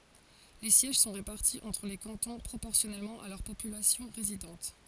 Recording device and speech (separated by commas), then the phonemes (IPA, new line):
forehead accelerometer, read sentence
le sjɛʒ sɔ̃ ʁepaʁti ɑ̃tʁ le kɑ̃tɔ̃ pʁopɔʁsjɔnɛlmɑ̃ a lœʁ popylasjɔ̃ ʁezidɑ̃t